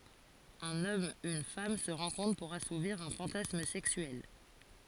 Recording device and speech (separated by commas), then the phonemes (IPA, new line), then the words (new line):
forehead accelerometer, read sentence
œ̃n ɔm yn fam sə ʁɑ̃kɔ̃tʁ puʁ asuviʁ œ̃ fɑ̃tasm sɛksyɛl
Un homme, une femme se rencontrent pour assouvir un fantasme sexuel.